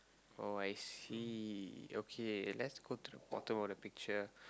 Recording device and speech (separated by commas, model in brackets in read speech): close-talking microphone, conversation in the same room